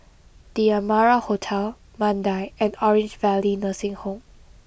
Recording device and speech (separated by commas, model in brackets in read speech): boundary microphone (BM630), read sentence